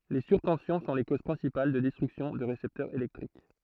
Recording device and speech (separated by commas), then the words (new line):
throat microphone, read sentence
Les surtensions sont les causes principales de destruction de récepteurs électriques.